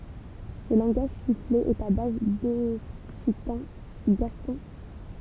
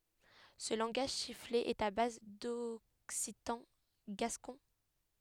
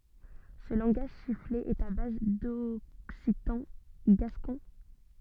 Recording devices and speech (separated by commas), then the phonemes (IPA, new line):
temple vibration pickup, headset microphone, soft in-ear microphone, read sentence
sə lɑ̃ɡaʒ sifle ɛt a baz dɔksitɑ̃ ɡaskɔ̃